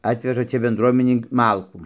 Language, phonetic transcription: Lithuanian, ˈatveža ˈčia benˈdruominei ˈmalkų

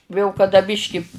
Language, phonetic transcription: Lithuanian, jau kaˈda ˈbiški

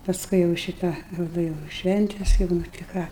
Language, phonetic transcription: Lithuanian, pasˈkui jau ˈšitą ˈrodo jau ˈšventes jau nu ti ˈką

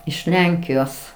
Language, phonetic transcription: Lithuanian, iš ˈlenkijos

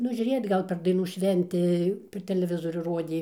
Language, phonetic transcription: Lithuanian, ˈnu žiuˈrėjot ˈgal per daiˈnų ˈšventi per teleˈvizorių ˈrodė

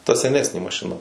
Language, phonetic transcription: Lithuanian, ta seˈnesnė mašiˈna

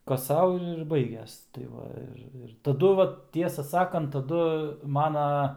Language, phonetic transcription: Lithuanian, ˈkas ˈsau ir ir ˈbaiges tai ˈva ir ˈir taˈdu ˈvat ˈtiesą ˈsakant taˈdu ˈmana

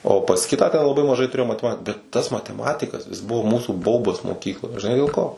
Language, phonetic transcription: Lithuanian, o pas ˈkitą ten laˈbai maˈžai tuˈrėjom mateˈmat bet ˈtas mateˈmatikas jis ˈbuvo ˈmūsų ˈbaubas moˈkykloj žiˈnai dėl ˈko

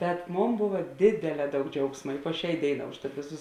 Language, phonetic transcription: Lithuanian, bet ˈmon ˈbova ˈdėdėˌlē ˈdaug ˈdžiaugsma i po ˈšiā ˈdėiˌnā užˈtat ˈvėˌsus

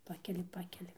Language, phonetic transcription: Lithuanian, ˈpakeli ˈpakeli

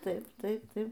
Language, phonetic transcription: Lithuanian, ˈtaip ˈtaip ˈtaip

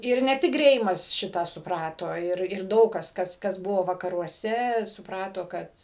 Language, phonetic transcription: Lithuanian, ˈir ne ˈtik ˈgreimas ˈšitą suˈprato ˈir ir ˈdaug kas ˈkas kas ˈbuvo vakaruoˈse supˈrato ˈkad

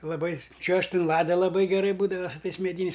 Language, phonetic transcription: Lithuanian, laˈbai ˈčiuožt' in ˈlada laˈbai geˈrai ˈbūdava su ˈtais meˈdyniais

